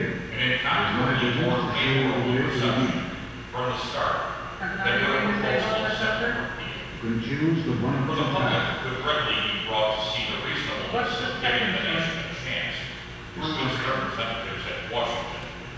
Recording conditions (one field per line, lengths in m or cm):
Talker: one person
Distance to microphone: 7.1 m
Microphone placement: far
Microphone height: 1.7 m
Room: very reverberant, large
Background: television